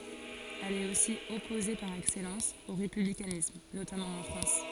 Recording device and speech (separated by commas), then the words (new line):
forehead accelerometer, read sentence
Elle est aussi opposée par excellence au républicanisme, notamment en France.